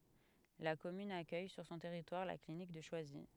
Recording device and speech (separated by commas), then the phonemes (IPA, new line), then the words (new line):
headset microphone, read sentence
la kɔmyn akœj syʁ sɔ̃ tɛʁitwaʁ la klinik də ʃwazi
La commune accueille sur son territoire la clinique de Choisy.